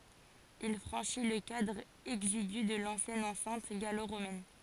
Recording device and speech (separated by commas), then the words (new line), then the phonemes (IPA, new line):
forehead accelerometer, read sentence
Il franchit le cadre exigu de l’ancienne enceinte gallo-romaine.
il fʁɑ̃ʃi lə kadʁ ɛɡziɡy də lɑ̃sjɛn ɑ̃sɛ̃t ɡalo ʁomɛn